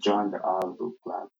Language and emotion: English, sad